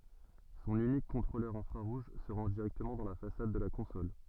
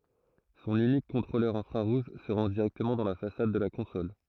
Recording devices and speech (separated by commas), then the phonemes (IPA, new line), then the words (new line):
soft in-ear microphone, throat microphone, read sentence
sɔ̃n ynik kɔ̃tʁolœʁ ɛ̃fʁaʁuʒ sə ʁɑ̃ʒ diʁɛktəmɑ̃ dɑ̃ la fasad də la kɔ̃sɔl
Son unique contrôleur infrarouge se range directement dans la façade de la console.